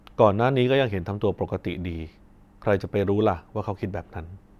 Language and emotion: Thai, neutral